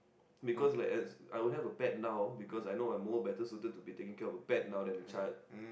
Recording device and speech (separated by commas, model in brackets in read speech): boundary microphone, conversation in the same room